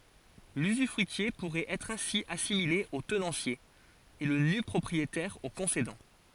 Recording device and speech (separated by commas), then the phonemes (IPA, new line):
forehead accelerometer, read sentence
lyzyfʁyitje puʁɛt ɛtʁ ɛ̃si asimile o tənɑ̃sje e lə nypʁɔpʁietɛʁ o kɔ̃sedɑ̃